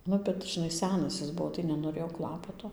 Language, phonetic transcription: Lithuanian, ˈnu bet žiˈnai ˈsenas is ˈbuo tai nenoˈrėjo ˈklapato

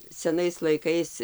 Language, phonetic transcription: Lithuanian, seˈnais laiˈkais

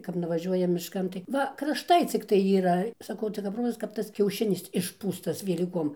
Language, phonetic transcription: Lithuanian, kap nuvaˈžiuoja mišˈkan tai ˈva krašˈtai cikˈtai yˈra saˈkau tai kap ˈrozas kap ˈtas kiauˈšinis išˈpūstas velyˈkom

